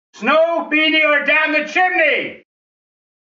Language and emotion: English, disgusted